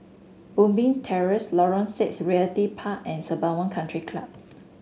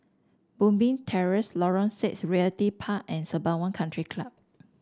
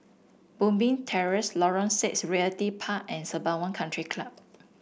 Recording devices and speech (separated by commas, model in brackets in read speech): mobile phone (Samsung S8), standing microphone (AKG C214), boundary microphone (BM630), read sentence